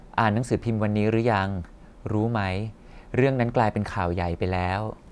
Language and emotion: Thai, neutral